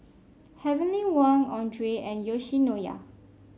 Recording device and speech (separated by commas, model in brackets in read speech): mobile phone (Samsung C5), read sentence